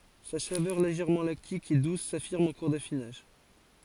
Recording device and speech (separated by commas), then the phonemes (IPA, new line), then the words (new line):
forehead accelerometer, read sentence
sa savœʁ leʒɛʁmɑ̃ laktik e dus safiʁm ɑ̃ kuʁ dafinaʒ
Sa saveur légèrement lactique et douce s'affirme en cours d'affinage.